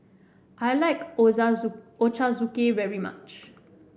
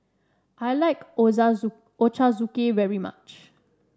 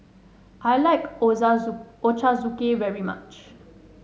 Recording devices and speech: boundary microphone (BM630), standing microphone (AKG C214), mobile phone (Samsung S8), read sentence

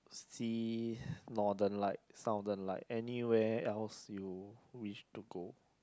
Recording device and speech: close-talking microphone, conversation in the same room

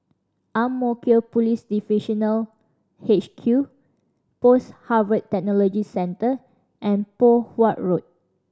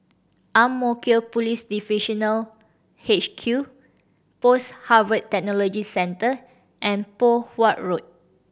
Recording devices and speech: standing microphone (AKG C214), boundary microphone (BM630), read sentence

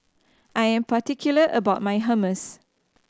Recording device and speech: standing microphone (AKG C214), read sentence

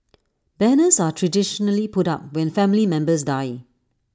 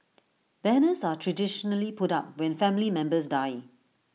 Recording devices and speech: standing microphone (AKG C214), mobile phone (iPhone 6), read sentence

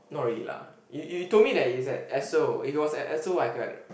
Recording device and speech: boundary microphone, conversation in the same room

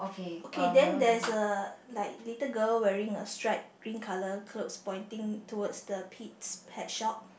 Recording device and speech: boundary microphone, conversation in the same room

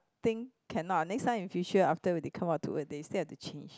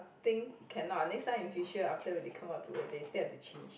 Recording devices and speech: close-talking microphone, boundary microphone, conversation in the same room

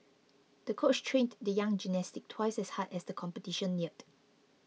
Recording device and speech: mobile phone (iPhone 6), read sentence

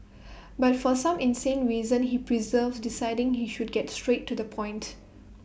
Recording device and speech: boundary microphone (BM630), read sentence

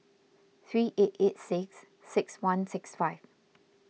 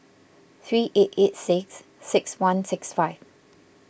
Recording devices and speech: mobile phone (iPhone 6), boundary microphone (BM630), read sentence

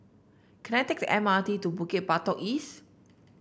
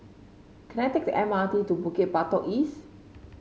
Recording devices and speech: boundary microphone (BM630), mobile phone (Samsung C5), read sentence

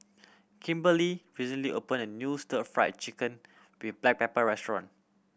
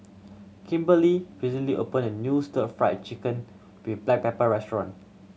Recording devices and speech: boundary microphone (BM630), mobile phone (Samsung C7100), read sentence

